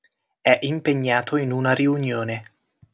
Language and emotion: Italian, neutral